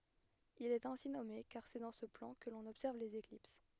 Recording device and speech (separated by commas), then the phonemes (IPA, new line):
headset microphone, read sentence
il ɛt ɛ̃si nɔme kaʁ sɛ dɑ̃ sə plɑ̃ kə lɔ̃n ɔbsɛʁv lez eklips